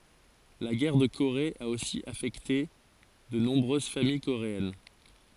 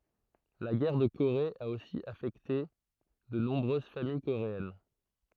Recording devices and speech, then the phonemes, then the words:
forehead accelerometer, throat microphone, read sentence
la ɡɛʁ də koʁe a osi afɛkte də nɔ̃bʁøz famij koʁeɛn
La guerre de Corée a aussi affecté de nombreuses familles coréennes.

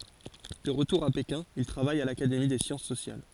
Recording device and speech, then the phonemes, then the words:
forehead accelerometer, read sentence
də ʁətuʁ a pekɛ̃ il tʁavaj a lakademi de sjɑ̃s sosjal
De retour à Pékin, il travaille à l'Académie des Sciences sociales.

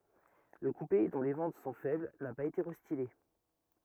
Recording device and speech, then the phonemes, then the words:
rigid in-ear microphone, read sentence
lə kupe dɔ̃ le vɑ̃t sɔ̃ fɛbl na paz ete ʁɛstile
Le coupé, dont les ventes sont faibles, n'a pas été restylé.

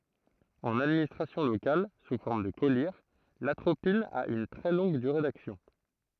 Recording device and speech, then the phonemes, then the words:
throat microphone, read sentence
ɑ̃n administʁasjɔ̃ lokal su fɔʁm də kɔliʁ latʁopin a yn tʁɛ lɔ̃ɡ dyʁe daksjɔ̃
En administration locale sous forme de collyre, l'atropine a une très longue durée d'action.

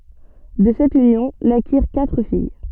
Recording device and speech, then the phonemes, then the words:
soft in-ear microphone, read sentence
də sɛt ynjɔ̃ nakiʁ katʁ fij
De cette union, naquirent quatre filles.

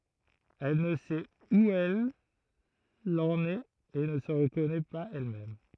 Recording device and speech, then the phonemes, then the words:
throat microphone, read sentence
ɛl nə sɛt u ɛl ɑ̃n ɛt e nə sə ʁəkɔnɛ paz ɛlmɛm
Elle ne sait où elle en est et ne se reconnaît pas elle-même.

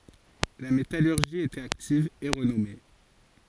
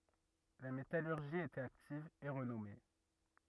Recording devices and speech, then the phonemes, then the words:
forehead accelerometer, rigid in-ear microphone, read sentence
la metalyʁʒi i etɛt aktiv e ʁənɔme
La métallurgie y était active et renommée.

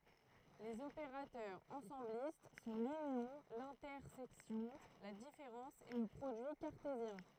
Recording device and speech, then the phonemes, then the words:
throat microphone, read sentence
lez opeʁatœʁz ɑ̃sɑ̃blist sɔ̃ lynjɔ̃ lɛ̃tɛʁsɛksjɔ̃ la difeʁɑ̃s e lə pʁodyi kaʁtezjɛ̃
Les opérateurs ensemblistes sont l'union, l'intersection, la différence et le produit cartésien.

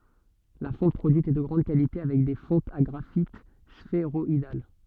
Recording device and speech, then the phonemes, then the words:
soft in-ear microphone, read sentence
la fɔ̃t pʁodyit ɛ də ɡʁɑ̃d kalite avɛk de fɔ̃tz a ɡʁafit sfeʁɔidal
La fonte produite est de grande qualité avec des fontes à graphites sphéroïdales.

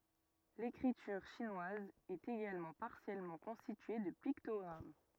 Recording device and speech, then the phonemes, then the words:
rigid in-ear microphone, read sentence
lekʁityʁ ʃinwaz ɛt eɡalmɑ̃ paʁsjɛlmɑ̃ kɔ̃stitye də piktɔɡʁam
L'écriture chinoise est également partiellement constituée de pictogrammes.

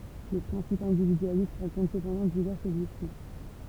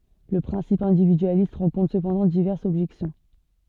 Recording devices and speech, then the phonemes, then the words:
temple vibration pickup, soft in-ear microphone, read sentence
lə pʁɛ̃sip ɛ̃dividyalist ʁɑ̃kɔ̃tʁ səpɑ̃dɑ̃ divɛʁsz ɔbʒɛksjɔ̃
Le principe individualiste rencontre cependant diverses objections.

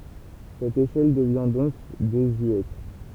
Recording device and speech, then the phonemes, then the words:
temple vibration pickup, read sentence
sɛt eʃɛl dəvjɛ̃ dɔ̃k dezyɛt
Cette échelle devient donc désuète.

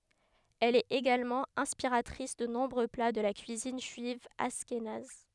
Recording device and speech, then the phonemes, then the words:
headset microphone, read sentence
ɛl ɛt eɡalmɑ̃ ɛ̃spiʁatʁis də nɔ̃bʁø pla də la kyizin ʒyiv aʃkenaz
Elle est également inspiratrice de nombreux plats de la cuisine juive ashkénaze.

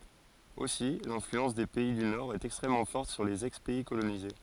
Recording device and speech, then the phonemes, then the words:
forehead accelerometer, read sentence
osi lɛ̃flyɑ̃s de pɛi dy noʁɛst ɛkstʁɛmmɑ̃ fɔʁt syʁ lez ɛkspɛi kolonize
Aussi l'influence des pays du Nord est extrêmement forte sur les ex-pays colonisés.

